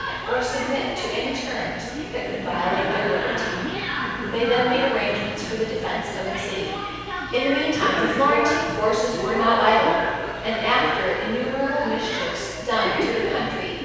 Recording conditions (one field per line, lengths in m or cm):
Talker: one person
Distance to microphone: 7.1 m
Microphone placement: far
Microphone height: 1.7 m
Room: very reverberant, large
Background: television